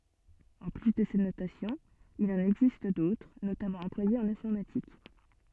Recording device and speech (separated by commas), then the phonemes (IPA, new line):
soft in-ear microphone, read sentence
ɑ̃ ply də sɛt notasjɔ̃ il ɑ̃n ɛɡzist dotʁ notamɑ̃ ɑ̃plwajez ɑ̃n ɛ̃fɔʁmatik